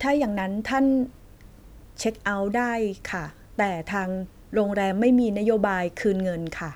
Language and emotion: Thai, neutral